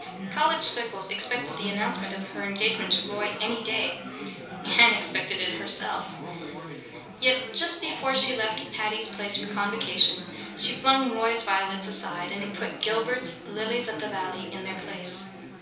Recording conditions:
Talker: one person; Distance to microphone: 3.0 m; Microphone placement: far; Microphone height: 1.8 m; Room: small (3.7 m by 2.7 m); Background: babble

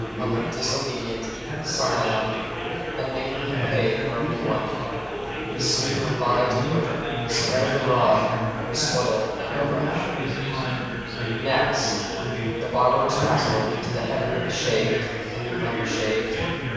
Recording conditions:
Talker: one person; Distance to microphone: 7.1 m; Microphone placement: far; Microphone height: 1.7 m; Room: very reverberant, large; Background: babble

